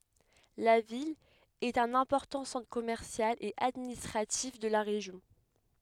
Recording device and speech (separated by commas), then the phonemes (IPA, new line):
headset microphone, read sentence
la vil ɛt œ̃n ɛ̃pɔʁtɑ̃ sɑ̃tʁ kɔmɛʁsjal e administʁatif də la ʁeʒjɔ̃